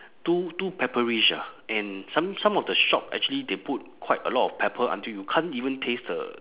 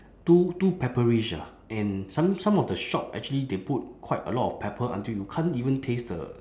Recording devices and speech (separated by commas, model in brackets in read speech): telephone, standing microphone, conversation in separate rooms